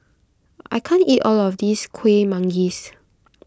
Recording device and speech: close-talking microphone (WH20), read sentence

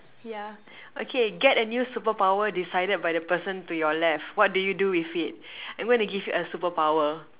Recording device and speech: telephone, conversation in separate rooms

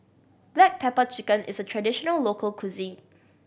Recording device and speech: boundary microphone (BM630), read sentence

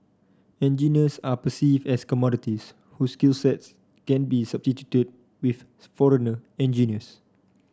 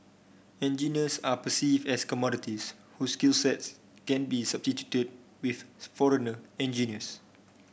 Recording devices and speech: standing microphone (AKG C214), boundary microphone (BM630), read sentence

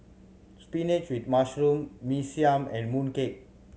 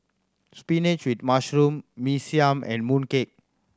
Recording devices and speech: mobile phone (Samsung C7100), standing microphone (AKG C214), read sentence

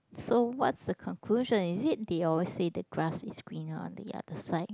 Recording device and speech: close-talking microphone, conversation in the same room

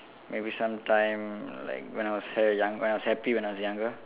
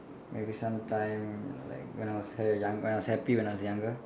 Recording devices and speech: telephone, standing microphone, conversation in separate rooms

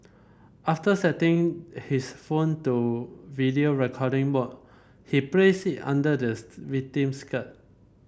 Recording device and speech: boundary microphone (BM630), read sentence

